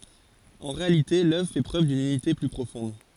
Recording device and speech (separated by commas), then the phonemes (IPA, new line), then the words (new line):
forehead accelerometer, read sentence
ɑ̃ ʁealite lœvʁ fɛ pʁøv dyn ynite ply pʁofɔ̃d
En réalité l'œuvre fait preuve d'une unité plus profonde.